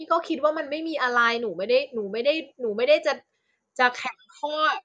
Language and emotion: Thai, frustrated